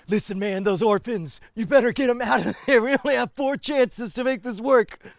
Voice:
affecting gruff voice